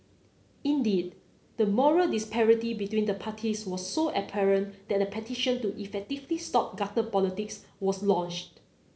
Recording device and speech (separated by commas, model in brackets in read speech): mobile phone (Samsung C9), read sentence